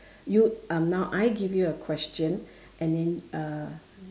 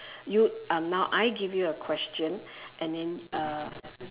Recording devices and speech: standing microphone, telephone, conversation in separate rooms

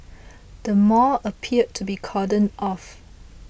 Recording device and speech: boundary microphone (BM630), read sentence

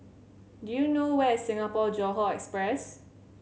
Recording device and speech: mobile phone (Samsung C7100), read sentence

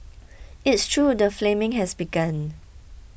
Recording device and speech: boundary microphone (BM630), read sentence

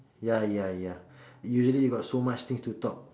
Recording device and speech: standing microphone, conversation in separate rooms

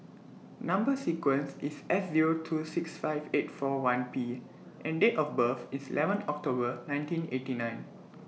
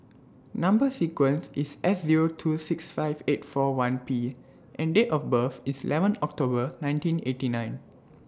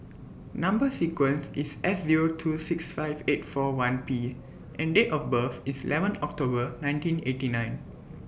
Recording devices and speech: mobile phone (iPhone 6), standing microphone (AKG C214), boundary microphone (BM630), read sentence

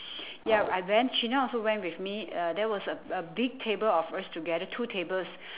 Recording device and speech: telephone, conversation in separate rooms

